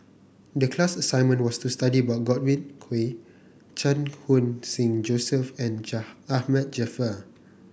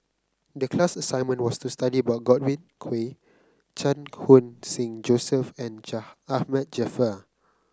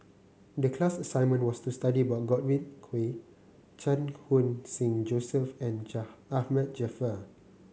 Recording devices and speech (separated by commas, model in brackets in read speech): boundary microphone (BM630), close-talking microphone (WH30), mobile phone (Samsung C9), read sentence